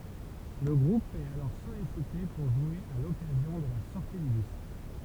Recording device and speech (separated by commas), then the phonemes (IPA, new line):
temple vibration pickup, read sentence
lə ɡʁup ɛt alɔʁ sɔlisite puʁ ʒwe a lɔkazjɔ̃ də la sɔʁti dy disk